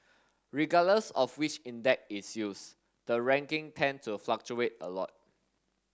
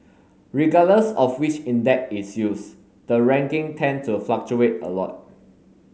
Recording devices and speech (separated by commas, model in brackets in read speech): standing microphone (AKG C214), mobile phone (Samsung S8), read sentence